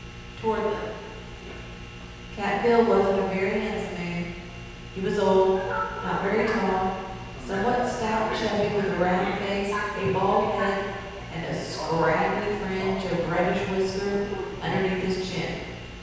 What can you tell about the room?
A big, echoey room.